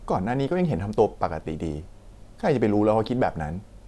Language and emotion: Thai, frustrated